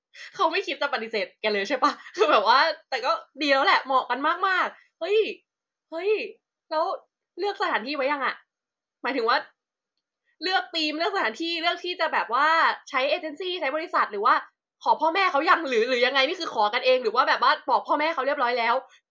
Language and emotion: Thai, happy